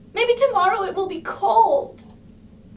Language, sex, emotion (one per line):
English
female
fearful